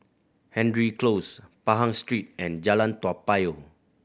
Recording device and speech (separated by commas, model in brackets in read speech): boundary microphone (BM630), read sentence